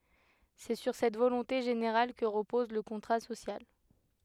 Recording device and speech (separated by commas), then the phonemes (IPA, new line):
headset microphone, read sentence
sɛ syʁ sɛt volɔ̃te ʒeneʁal kə ʁəpɔz lə kɔ̃tʁa sosjal